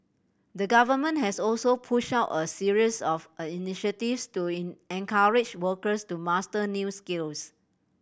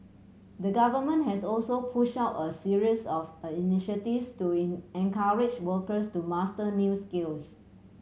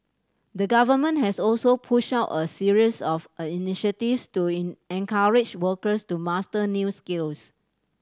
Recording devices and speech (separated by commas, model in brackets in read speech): boundary microphone (BM630), mobile phone (Samsung C7100), standing microphone (AKG C214), read sentence